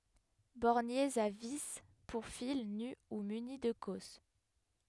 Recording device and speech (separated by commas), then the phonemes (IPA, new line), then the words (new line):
headset microphone, read sentence
bɔʁnjez a vi puʁ fil ny u myni də kɔs
Borniers à vis, pour fil nu ou muni de cosse.